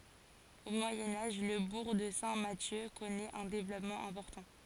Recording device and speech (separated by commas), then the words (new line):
forehead accelerometer, read sentence
Au Moyen Âge, le bourg de Saint-Mathieu connaît un développement important.